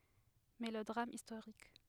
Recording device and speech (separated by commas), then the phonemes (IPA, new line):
headset microphone, read sentence
melodʁam istoʁik